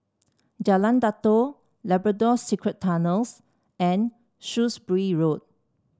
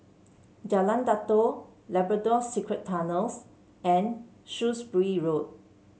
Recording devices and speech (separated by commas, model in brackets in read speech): standing microphone (AKG C214), mobile phone (Samsung C7), read sentence